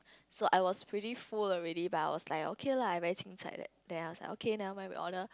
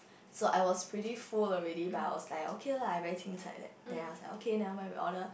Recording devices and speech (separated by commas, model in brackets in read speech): close-talking microphone, boundary microphone, conversation in the same room